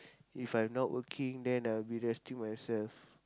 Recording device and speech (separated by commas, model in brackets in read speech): close-talking microphone, conversation in the same room